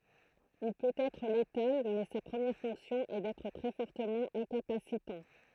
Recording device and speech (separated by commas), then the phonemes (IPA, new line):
throat microphone, read sentence
il pøt ɛtʁ letal mɛ sa pʁəmjɛʁ fɔ̃ksjɔ̃ ɛ dɛtʁ tʁɛ fɔʁtəmɑ̃ ɛ̃kapasitɑ̃